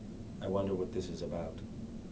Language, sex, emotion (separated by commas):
English, male, fearful